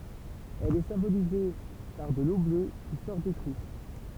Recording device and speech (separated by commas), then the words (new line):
temple vibration pickup, read sentence
Elle est symbolisée par de l'eau bleue qui sort des trous.